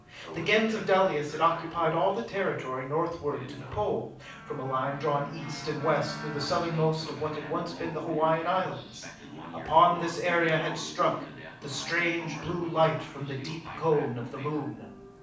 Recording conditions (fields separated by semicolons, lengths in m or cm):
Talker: one person; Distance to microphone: 5.8 m; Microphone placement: far; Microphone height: 1.8 m; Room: medium-sized (5.7 m by 4.0 m); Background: television